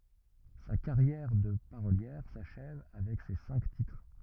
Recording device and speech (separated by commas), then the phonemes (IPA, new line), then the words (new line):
rigid in-ear microphone, read sentence
sa kaʁjɛʁ də paʁoljɛʁ saʃɛv avɛk se sɛ̃k titʁ
Sa carrière de parolière s'achève avec ces cinq titres.